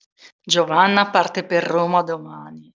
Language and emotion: Italian, neutral